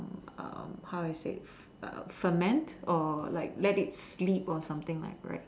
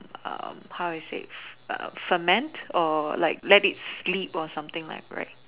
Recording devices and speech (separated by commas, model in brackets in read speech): standing microphone, telephone, conversation in separate rooms